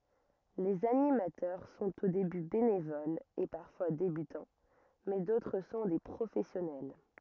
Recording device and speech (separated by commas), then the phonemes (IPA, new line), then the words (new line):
rigid in-ear microphone, read sentence
lez animatœʁ sɔ̃t o deby benevolz e paʁfwa debytɑ̃ mɛ dotʁ sɔ̃ de pʁofɛsjɔnɛl
Les animateurs sont au début bénévoles et parfois débutants mais d'autres sont des professionnels.